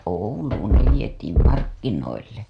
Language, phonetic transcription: Finnish, Ouluun ne vietiim "markkinoille .
- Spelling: Ouluun ne vietiin markkinoille

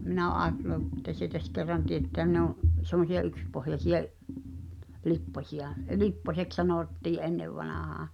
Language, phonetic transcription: Finnish, 'minä ò 'aatelu [e]ttä sietäs kerran 'tietteän ne ‿o’ , sem̆mosi₍a 'ykspohjasiʲa̭’ , 'lippośi₍a , 'lipposeks "sanòttii’ '’ennevvanàhaa .
- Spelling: minä olen ajatellut että sietäisi kerran teettää ne on semmoisia yksipohjaisia lipposia lipposeksi sanottiin ennen vanhaan

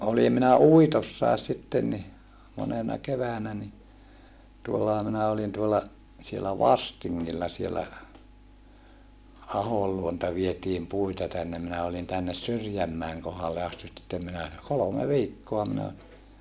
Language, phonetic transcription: Finnish, olim minä uitossàes sitten ni , monena keväänä ni , tuollaha minä olin tuolla , sielä Vastiŋŋilla sielä , Ahol luonta vietiim puita tännem minä olin tännes Syrjämmäeŋ kohalle astit (sittem) minä , kolome viikkoa minä oli .
- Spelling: olin minä uitossakin sitten niin monena keväänä niin tuollahan minä olin tuolla siellä Vastingilla siellä Ahon luota vietiin puita tänne minä olin tänne Syrjänmäen kohdalle asti sitten minä kolme viikkoa minä olin

